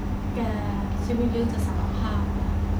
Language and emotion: Thai, neutral